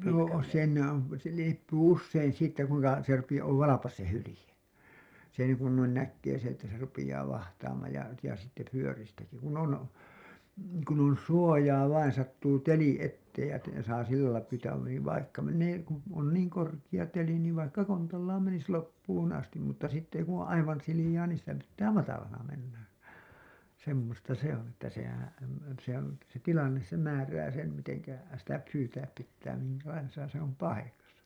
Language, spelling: Finnish, no siinä on se riippuu usein siitä kuinka se - on valpas se hylje sen kun noin näkee se että se rupeaa vahtaamaan ja ja sitten vyöristäkin kun on kun on suojaa vain sattuu teli eteen ja - saa sillä lailla pyytää niin vaikka menee kun on niin korkea teli niin vaikka kontallaan menisi loppuun asti mutta sitten kun on aivan sileää niin sitä pitää matalana mennä semmoista se on että sehän se on se tilanne se määrää sen miten sitä pyytää pitää minkälaisessa se on paikassa
- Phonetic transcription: noo , siinä on , se riippuu ussein siittä kuiŋka , se rupija- , ov "valapas se 'hylĭje , sen§ kun nuin näkkee se että se rupijaa 'vahtaamaaj ja , ja sitte 'fyöristäki , kun ‿on , kun ‿on "suojaa vain sattuu "teli 'etteej ja te- , saa sillälai pyytää niiv vaikka mennee , ku , on niiŋ korkiʲa teli niiv vaikka 'kontallaam menis "loppuun 'astim mutta sitte ku ‿oo̰ "’aivan 'silijaa niin sitä pittää 'matalana mennä , 'semmosta 'se ‿on ‿että sehän̬ , se ‿on , se "tilannes se 'määrää sem miteŋkä , sitä 'pyytääp pittää miŋkälaisesa se ‿om "pai-kasa .

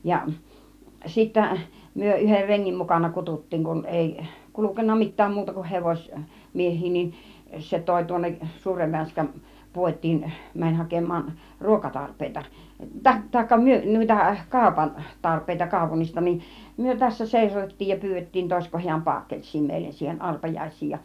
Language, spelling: Finnish, ja sitten me yhden rengin mukana kutsuttiin kun ei kulkenut mitään muuta kuin - hevosmiehiä niin se toi tuonne suuren Vänskän puotiin meni hakemaan ruokatarpeita - tai - noita - kaupantarpeita kaupungista niin me tässä seisotettiin ja pyydettiin toisiko hän paakelssia meille siihen arpajaisiin ja
- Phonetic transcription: ja , 'sittä , myö 'ˀyher 'reŋŋim mukana 'kutut̀tiiŋ kun 'èi , "kulukenna "mit̆tääm 'muuta kun 'hevoś- , 'mieh̆hii nin , 'se 'tòi tuonneˀ , "suurev 'Vänskän , "puot́̆tiin , mäń 'hakem̆maan , "ruokatarp̆pèita , ta- tàikka myö- nùita , 'kàupan- , 'tarp̆pèita 'kàupunnista nin , 'myö tässä '(sèisotettiij) ja 'pyyvet̀tiin 'tòisko hiäm "paakkels̆sii 'mèillen siihen 'arpajais̆siij ja .

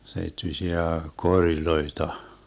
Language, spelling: Finnish, seittyisiä koreja
- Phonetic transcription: 'seittysiä 'koriloita .

